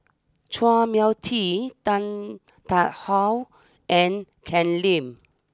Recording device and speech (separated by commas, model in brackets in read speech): standing microphone (AKG C214), read sentence